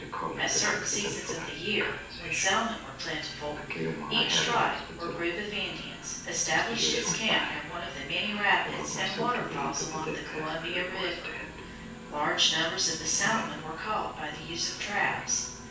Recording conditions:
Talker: one person; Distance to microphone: 9.8 m; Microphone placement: far; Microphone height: 1.8 m; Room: large; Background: television

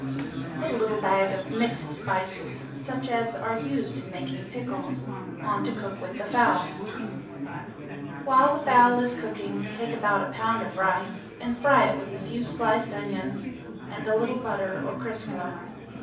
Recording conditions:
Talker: one person; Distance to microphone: 5.8 m; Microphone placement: far; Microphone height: 1.8 m; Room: medium-sized (5.7 m by 4.0 m); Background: babble

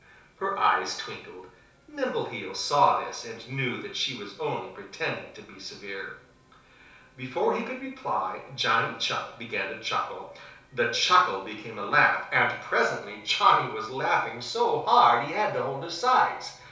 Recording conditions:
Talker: one person; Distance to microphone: 3.0 m; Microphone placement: far; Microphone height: 1.8 m; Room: small (3.7 m by 2.7 m); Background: television

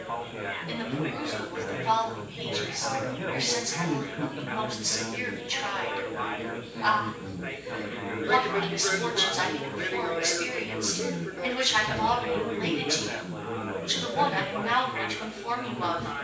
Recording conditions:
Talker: one person; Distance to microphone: 9.8 m; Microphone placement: far; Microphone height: 1.8 m; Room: large; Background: babble

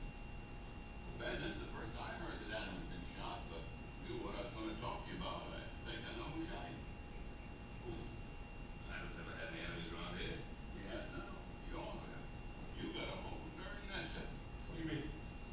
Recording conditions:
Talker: no one; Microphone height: 1.0 m; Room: large; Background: television

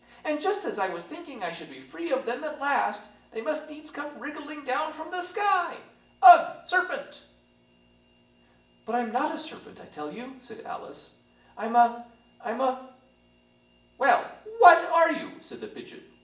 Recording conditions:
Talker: one person; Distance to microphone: 1.8 m; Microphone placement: close; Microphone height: 1.0 m; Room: large; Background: none

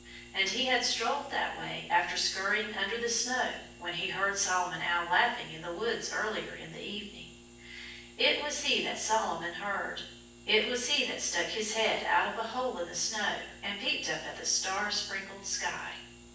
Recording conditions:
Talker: one person; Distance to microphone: 9.8 m; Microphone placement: far; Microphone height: 1.8 m; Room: large; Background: none

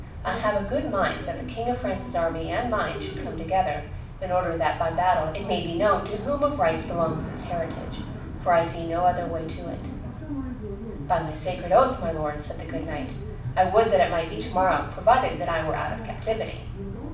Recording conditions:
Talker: one person; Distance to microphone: 5.8 m; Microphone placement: far; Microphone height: 1.8 m; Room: medium-sized (5.7 m by 4.0 m); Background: television

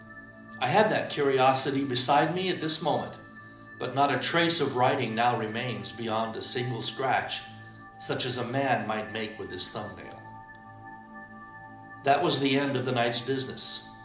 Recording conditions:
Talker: one person; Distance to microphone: 2.0 m; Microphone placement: close; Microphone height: 99 cm; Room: medium-sized (5.7 m by 4.0 m); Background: music

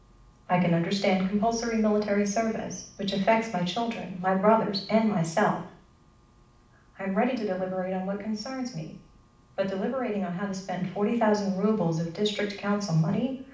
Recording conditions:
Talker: one person; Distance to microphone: 5.8 m; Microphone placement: far; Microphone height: 1.8 m; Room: medium-sized (5.7 m by 4.0 m); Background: none

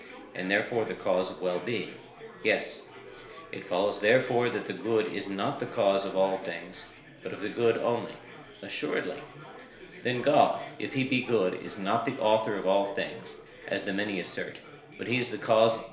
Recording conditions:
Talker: one person; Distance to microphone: 1.0 m; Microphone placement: close; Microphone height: 1.1 m; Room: small (3.7 m by 2.7 m); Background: babble

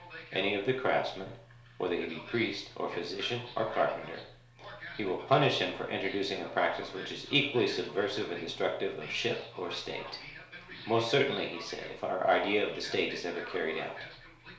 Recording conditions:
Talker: one person; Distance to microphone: 1.0 m; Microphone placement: close; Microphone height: 1.1 m; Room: small (3.7 m by 2.7 m); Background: television

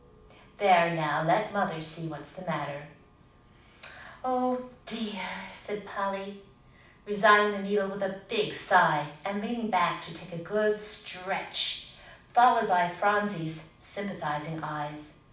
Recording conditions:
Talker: one person; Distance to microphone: 5.8 m; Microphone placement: far; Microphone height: 1.8 m; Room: medium-sized (5.7 m by 4.0 m); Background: none

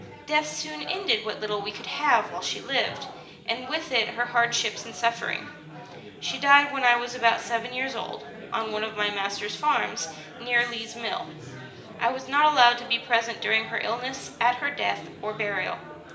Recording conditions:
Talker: one person; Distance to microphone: 1.8 m; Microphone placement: close; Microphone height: 1.0 m; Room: large; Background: babble

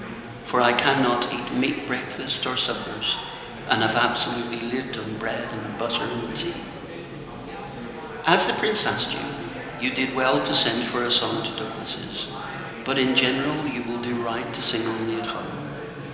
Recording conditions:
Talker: one person; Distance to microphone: 1.7 m; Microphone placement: close; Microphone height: 1.0 m; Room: very reverberant, large; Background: babble

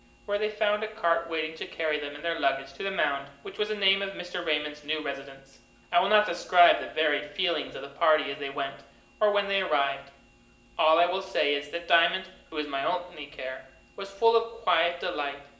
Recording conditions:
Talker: one person; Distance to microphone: 1.8 m; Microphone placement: close; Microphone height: 1.0 m; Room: large; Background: none

